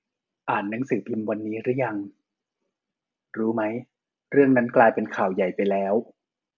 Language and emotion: Thai, neutral